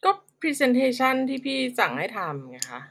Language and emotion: Thai, frustrated